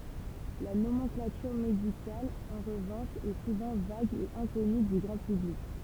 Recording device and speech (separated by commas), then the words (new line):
temple vibration pickup, read sentence
La nomenclature médicale, en revanche, est souvent vague et inconnue du grand public.